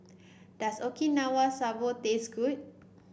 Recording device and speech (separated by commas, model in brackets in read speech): boundary microphone (BM630), read sentence